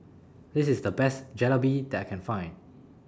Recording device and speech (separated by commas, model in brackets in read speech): standing microphone (AKG C214), read sentence